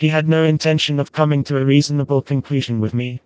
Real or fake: fake